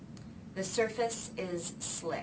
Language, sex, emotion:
English, female, neutral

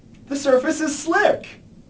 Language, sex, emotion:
English, male, disgusted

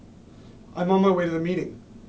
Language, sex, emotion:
English, male, neutral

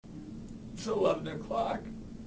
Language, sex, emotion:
English, male, sad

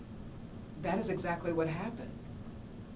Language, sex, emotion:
English, female, neutral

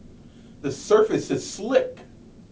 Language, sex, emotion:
English, male, disgusted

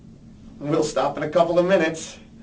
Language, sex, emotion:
English, male, neutral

